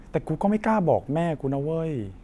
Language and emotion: Thai, frustrated